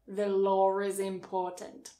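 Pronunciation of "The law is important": In 'the law is important', a little r sound is added after 'law'.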